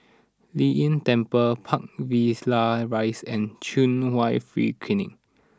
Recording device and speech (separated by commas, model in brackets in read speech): standing microphone (AKG C214), read sentence